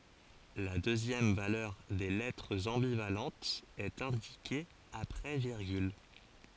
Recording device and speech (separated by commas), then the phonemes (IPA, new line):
forehead accelerometer, read sentence
la døzjɛm valœʁ de lɛtʁz ɑ̃bivalɑ̃tz ɛt ɛ̃dike apʁɛ viʁɡyl